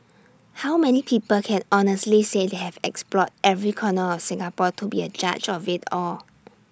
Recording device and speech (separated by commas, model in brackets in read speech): standing microphone (AKG C214), read sentence